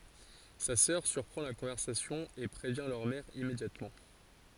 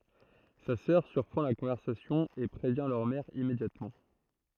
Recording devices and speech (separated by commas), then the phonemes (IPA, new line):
forehead accelerometer, throat microphone, read sentence
sa sœʁ syʁpʁɑ̃ la kɔ̃vɛʁsasjɔ̃ e pʁevjɛ̃ lœʁ mɛʁ immedjatmɑ̃